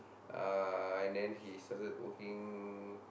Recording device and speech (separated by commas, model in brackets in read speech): boundary microphone, conversation in the same room